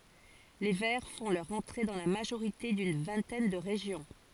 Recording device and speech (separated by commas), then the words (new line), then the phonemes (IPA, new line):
forehead accelerometer, read sentence
Les Verts font leur entrée dans la majorité d'une vingtaine de régions.
le vɛʁ fɔ̃ lœʁ ɑ̃tʁe dɑ̃ la maʒoʁite dyn vɛ̃tɛn də ʁeʒjɔ̃